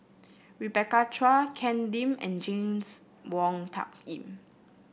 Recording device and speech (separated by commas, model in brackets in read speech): boundary microphone (BM630), read sentence